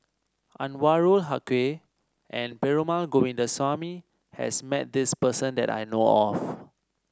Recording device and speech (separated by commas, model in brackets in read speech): standing microphone (AKG C214), read sentence